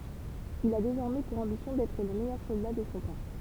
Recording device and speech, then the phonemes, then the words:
temple vibration pickup, read sentence
il a dezɔʁmɛ puʁ ɑ̃bisjɔ̃ dɛtʁ lə mɛjœʁ sɔlda də sɔ̃ tɑ̃
Il a désormais pour ambition d’être le meilleur soldat de son temps.

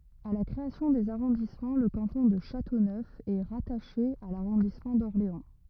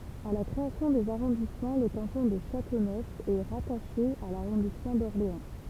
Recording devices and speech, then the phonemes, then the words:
rigid in-ear microphone, temple vibration pickup, read sentence
a la kʁeasjɔ̃ dez aʁɔ̃dismɑ̃ lə kɑ̃tɔ̃ də ʃatonœf ɛ ʁataʃe a laʁɔ̃dismɑ̃ dɔʁleɑ̃
À la création des arrondissements, le canton de Châteauneuf est rattaché à l'arrondissement d'Orléans.

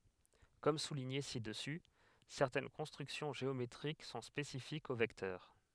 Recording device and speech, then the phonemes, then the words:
headset microphone, read sentence
kɔm suliɲe sidəsy sɛʁtɛn kɔ̃stʁyksjɔ̃ ʒeometʁik sɔ̃ spesifikz o vɛktœʁ
Comme souligné ci-dessus, certaines constructions géométriques sont spécifiques aux vecteurs.

